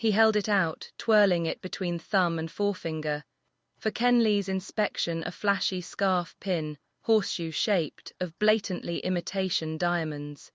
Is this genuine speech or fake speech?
fake